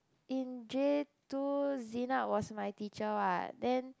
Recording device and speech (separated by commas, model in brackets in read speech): close-talking microphone, conversation in the same room